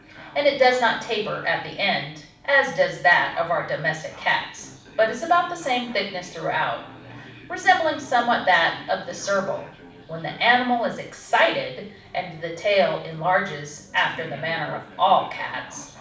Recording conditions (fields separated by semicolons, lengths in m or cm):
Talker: one person; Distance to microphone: 5.8 m; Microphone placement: far; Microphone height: 1.8 m; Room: medium-sized (5.7 m by 4.0 m); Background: television